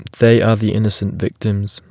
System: none